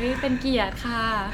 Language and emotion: Thai, happy